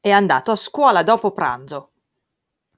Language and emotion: Italian, angry